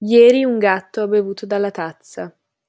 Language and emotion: Italian, neutral